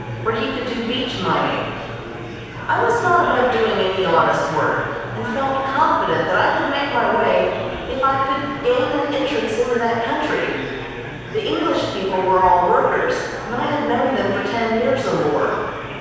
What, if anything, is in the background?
Crowd babble.